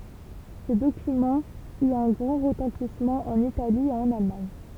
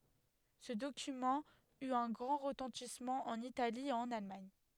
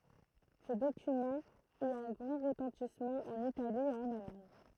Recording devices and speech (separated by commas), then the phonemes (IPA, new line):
temple vibration pickup, headset microphone, throat microphone, read sentence
sə dokymɑ̃ yt œ̃ ɡʁɑ̃ ʁətɑ̃tismɑ̃ ɑ̃n itali e ɑ̃n almaɲ